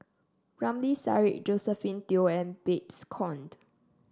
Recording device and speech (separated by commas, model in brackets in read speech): standing microphone (AKG C214), read sentence